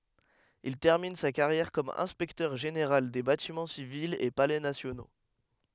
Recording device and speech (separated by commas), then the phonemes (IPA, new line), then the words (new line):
headset microphone, read sentence
il tɛʁmin sa kaʁjɛʁ kɔm ɛ̃spɛktœʁ ʒeneʁal de batimɑ̃ sivilz e palɛ nasjono
Il termine sa carrière comme inspecteur-général des Bâtiments civils et Palais nationaux.